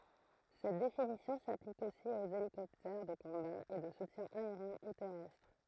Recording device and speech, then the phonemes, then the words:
throat microphone, read sentence
sɛt definisjɔ̃ saplik osi oz elikɔptɛʁ də kɔ̃ba e də sutjɛ̃ aeʁjɛ̃ u tɛʁɛstʁ
Cette définition s'applique aussi aux hélicoptères de combat et de soutien aérien ou terrestre.

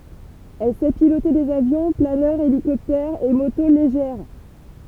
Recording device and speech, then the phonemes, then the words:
temple vibration pickup, read sentence
ɛl sɛ pilote dez avjɔ̃ planœʁz elikɔptɛʁz e moto leʒɛʁ
Elle sait piloter des avions, planeurs, hélicoptères et motos légères.

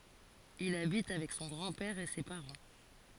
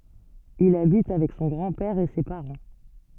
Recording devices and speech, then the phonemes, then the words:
forehead accelerometer, soft in-ear microphone, read sentence
il abit avɛk sɔ̃ ɡʁɑ̃ pɛʁ e se paʁɑ̃
Il habite avec son grand-père et ses parents.

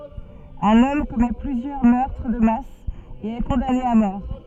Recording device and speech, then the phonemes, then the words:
soft in-ear microphone, read sentence
œ̃n ɔm kɔmɛ plyzjœʁ mœʁtʁ də mas e ɛ kɔ̃dane a mɔʁ
Un homme commet plusieurs meurtres de masse et est condamné à mort.

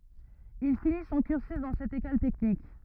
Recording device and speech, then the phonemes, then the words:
rigid in-ear microphone, read sentence
il fini sɔ̃ kyʁsy dɑ̃ sɛt ekɔl tɛknik
Il finit son cursus dans cette école technique.

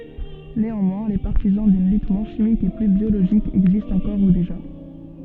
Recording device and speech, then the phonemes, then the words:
soft in-ear microphone, read sentence
neɑ̃mwɛ̃ le paʁtizɑ̃ dyn lyt mwɛ̃ ʃimik e ply bjoloʒik ɛɡzistt ɑ̃kɔʁ u deʒa
Néanmoins les partisans d'une lutte moins chimique et plus biologique existent encore ou déjà.

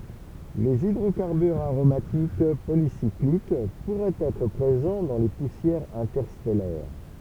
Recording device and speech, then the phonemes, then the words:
temple vibration pickup, read sentence
lez idʁokaʁbyʁz aʁomatik polisiklik puʁɛt ɛtʁ pʁezɑ̃ dɑ̃ le pusjɛʁz ɛ̃tɛʁstɛlɛʁ
Les hydrocarbures aromatiques polycycliques pourraient être présents dans les poussières interstellaires.

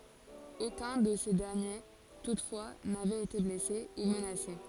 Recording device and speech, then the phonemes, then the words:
forehead accelerometer, read sentence
okœ̃ də se dɛʁnje tutfwa navɛt ete blɛse u mənase
Aucun de ces derniers toutefois n'avait été blessé ou menacé.

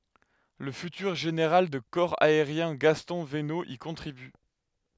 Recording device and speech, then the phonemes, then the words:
headset microphone, read sentence
lə fytyʁ ʒeneʁal də kɔʁ aeʁjɛ̃ ɡastɔ̃ vəno i kɔ̃tʁiby
Le futur général de corps aérien Gaston Venot y contribue.

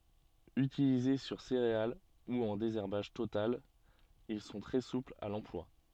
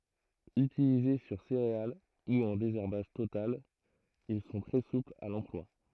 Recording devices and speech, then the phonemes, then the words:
soft in-ear microphone, throat microphone, read sentence
ytilize syʁ seʁeal u ɑ̃ dezɛʁbaʒ total il sɔ̃ tʁɛ suplz a lɑ̃plwa
Utilisés sur céréales ou en désherbage total, ils sont très souples à l'emploi.

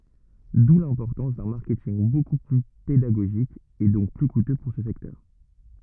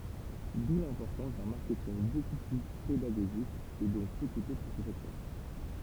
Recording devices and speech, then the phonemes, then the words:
rigid in-ear microphone, temple vibration pickup, read sentence
du lɛ̃pɔʁtɑ̃s dœ̃ maʁkɛtinɡ boku ply pedaɡoʒik e dɔ̃k ply kutø puʁ sə sɛktœʁ
D'où l'importance d'un marketing beaucoup plus pédagogique et donc plus coûteux pour ce secteur.

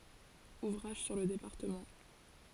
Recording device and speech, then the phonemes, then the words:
forehead accelerometer, read sentence
uvʁaʒ syʁ lə depaʁtəmɑ̃
Ouvrages sur le département.

